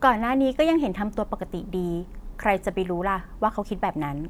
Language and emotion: Thai, neutral